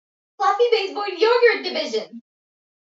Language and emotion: English, happy